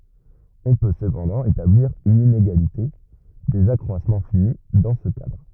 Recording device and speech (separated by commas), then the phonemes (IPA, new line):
rigid in-ear microphone, read sentence
ɔ̃ pø səpɑ̃dɑ̃ etabliʁ yn ineɡalite dez akʁwasmɑ̃ fini dɑ̃ sə kadʁ